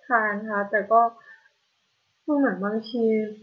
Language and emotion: Thai, frustrated